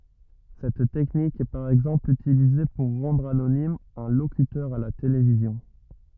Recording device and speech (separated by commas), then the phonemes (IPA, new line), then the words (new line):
rigid in-ear microphone, read sentence
sɛt tɛknik ɛ paʁ ɛɡzɑ̃pl ytilize puʁ ʁɑ̃dʁ anonim œ̃ lokytœʁ a la televizjɔ̃
Cette technique est par exemple utilisée pour rendre anonyme un locuteur à la télévision.